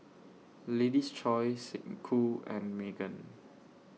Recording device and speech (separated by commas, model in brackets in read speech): mobile phone (iPhone 6), read sentence